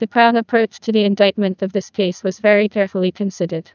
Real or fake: fake